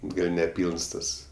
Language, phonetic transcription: Lithuanian, ˈgal' neˈpylns ˈtas

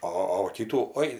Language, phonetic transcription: Lithuanian, ˈo o va ˈkytų ˈoi

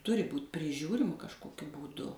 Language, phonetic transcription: Lithuanian, ˈturi ˈbūt' priˈžiūrima kažˈkokiu būˈdu

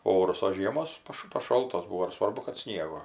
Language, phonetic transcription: Lithuanian, ˈorus o ˈžiemos ˈpaš paˈšoltos ˈbuvo ir ˈsvarbu kad ˈsniego

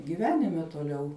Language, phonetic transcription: Lithuanian, giˈvenime toˈliau

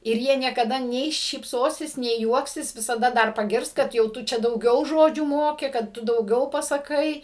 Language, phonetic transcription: Lithuanian, ir ˈjie niekaˈda nei šypˈsosis nei ˈjuoksis visaˈda ˈdar paˈgirs kad jau ˈtu ˈčia dauˈgiau ˈžodžių ˈmoki kad ˈtu dauˈgiau pasaˈkai

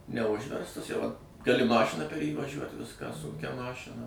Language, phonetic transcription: Lithuanian, neˈužverstas jau at gaˈli ˈmašina per jį vaˈžiuot ˈviską ˈsunkia ˈmašina

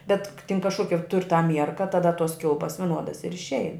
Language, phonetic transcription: Lithuanian, bet k tin kažˈkokia tur' ta ˈmierka taˈda tos ˈkilpas viˈnuodas ir išˈein

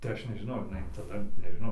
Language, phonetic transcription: Lithuanian, tai ˈaš nežiˈnau ar jiˈnai taˈda nežiˈnau

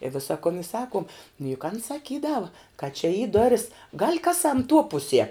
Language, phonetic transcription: Lithuanian, i ˈvisa kun i ˈsakuom nu juk an saˈkydava ka čia y ˈdoris gal' ˈkaˌsam tuo ˈpuˌsie

